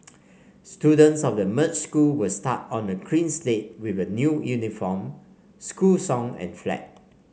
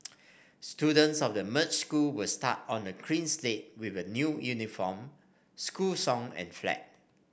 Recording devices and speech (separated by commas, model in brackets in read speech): mobile phone (Samsung C5), boundary microphone (BM630), read sentence